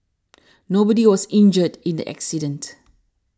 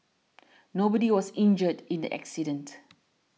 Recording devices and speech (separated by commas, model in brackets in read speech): standing microphone (AKG C214), mobile phone (iPhone 6), read sentence